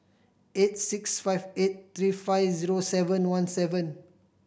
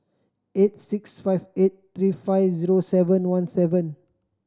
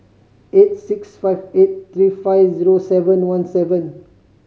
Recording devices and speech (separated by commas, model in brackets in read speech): boundary microphone (BM630), standing microphone (AKG C214), mobile phone (Samsung C5010), read sentence